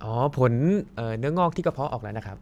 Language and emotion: Thai, neutral